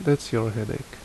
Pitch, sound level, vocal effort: 125 Hz, 72 dB SPL, normal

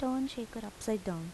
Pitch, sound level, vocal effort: 225 Hz, 79 dB SPL, soft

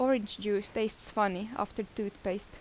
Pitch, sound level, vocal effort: 210 Hz, 81 dB SPL, normal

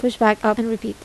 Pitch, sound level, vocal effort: 220 Hz, 79 dB SPL, soft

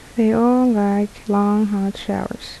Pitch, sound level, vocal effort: 210 Hz, 74 dB SPL, soft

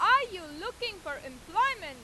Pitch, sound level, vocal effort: 330 Hz, 103 dB SPL, very loud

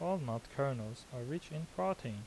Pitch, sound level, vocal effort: 135 Hz, 81 dB SPL, soft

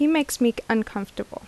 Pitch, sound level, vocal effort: 235 Hz, 79 dB SPL, normal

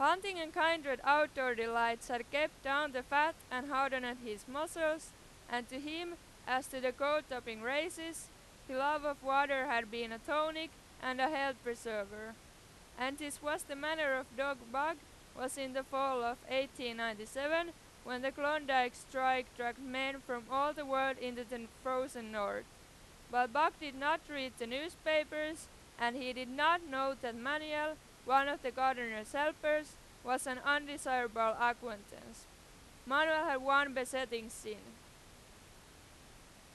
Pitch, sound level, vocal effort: 270 Hz, 98 dB SPL, very loud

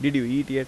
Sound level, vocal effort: 86 dB SPL, normal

